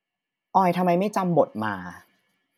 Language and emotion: Thai, frustrated